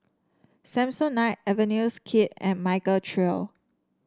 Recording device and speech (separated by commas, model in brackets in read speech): standing microphone (AKG C214), read sentence